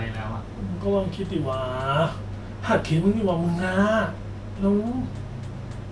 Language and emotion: Thai, frustrated